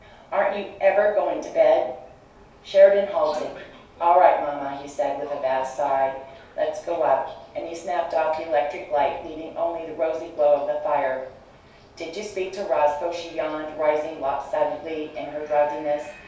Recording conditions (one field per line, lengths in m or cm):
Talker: one person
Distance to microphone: 3.0 m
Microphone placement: far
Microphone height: 1.8 m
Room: small (3.7 m by 2.7 m)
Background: television